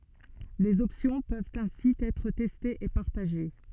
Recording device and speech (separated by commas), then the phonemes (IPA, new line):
soft in-ear microphone, read sentence
lez ɔpsjɔ̃ pøvt ɛ̃si ɛtʁ tɛstez e paʁtaʒe